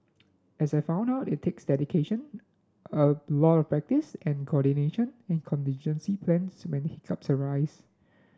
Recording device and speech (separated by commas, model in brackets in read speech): standing microphone (AKG C214), read sentence